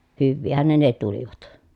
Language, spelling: Finnish, hyvinhän ne ne tulivat
- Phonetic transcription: hyvviihän ne ne tulivat .

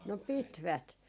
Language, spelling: Finnish, no pitivät
- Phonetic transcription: no "pitvät .

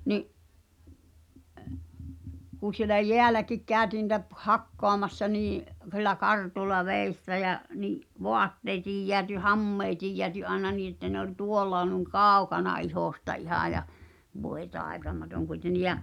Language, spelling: Finnish, niin kun siellä jäälläkin käytiin niitä - hakkaamassa niin sillä kartulla vedessä ja niin vaatteetkin jäätyi hameetkin jäätyi aina niin että ne oli tuolla noin kaukana ihosta ihan ja voi taitamaton kuitenkin ja
- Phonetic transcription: ni’ , kù sielä "jeäläkik 'kääᵒ̈tii ni̳tä p- , "hakkoamassa nii , h̳illa 'kartul̆la 'vèissä jä , ni’ , 'voatteetij jeäty "hammeetij jeäty aena 'nii että ne ‿oĺ "tuollà nuⁱŋ "kàukana 'ihòsta 'ihà ja , 'voe "taetamatoŋ kuiten̆ni ja͕ ,.

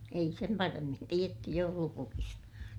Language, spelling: Finnish, ei sen paremmin tiedetty joulupukista
- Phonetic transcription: ei sem paremmin tietty joulupukista .

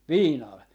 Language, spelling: Finnish, viinalla
- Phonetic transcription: "viinal .

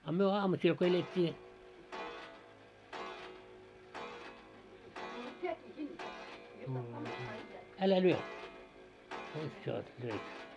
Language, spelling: Finnish, a me aamusella kun elettiin älä lyö nyt jo löi
- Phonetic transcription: a 'myö 'aamusiil ko elet́t́i – "älä 'lyö , nyt jo , löi .

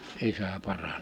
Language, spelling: Finnish, isä paranemaan
- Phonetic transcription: 'isä 'parane(ᴍᴍᴀᴀ) .

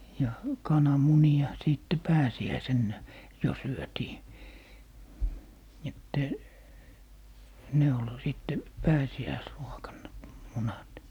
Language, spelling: Finnish, ja kananmunia sitten pääsiäisenä jo syötiin että ne oli sitten pääsiäisruokana munat
- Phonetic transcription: ja , "kana'muni₍a , 'sìtte "pääsi₍äisennä , 'jo 'syötii , että , ne ol 'sìtte , 'pääsi₍äisruokanna , "munat .

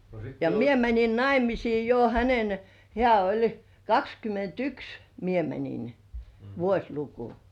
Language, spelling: Finnish, ja minä menin naimisiin jo hänen hän oli kaksikymmentäyksi minä menin vuosiluku
- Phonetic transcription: ja 'mie mäńin "naimisii jo hänen , 'hĕä̀ oĺ 'kakskymment"yks , 'mie 'mäńin , 'vuośluku .

